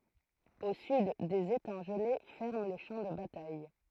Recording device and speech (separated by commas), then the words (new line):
throat microphone, read sentence
Au sud, des étangs gelés ferment le champ de bataille.